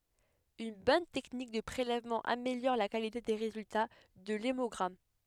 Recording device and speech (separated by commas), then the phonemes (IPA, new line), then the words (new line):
headset microphone, read sentence
yn bɔn tɛknik də pʁelɛvmɑ̃ ameljɔʁ la kalite de ʁezylta də lemɔɡʁam
Une bonne technique de prélèvement améliore la qualité des résultats de l’hémogramme.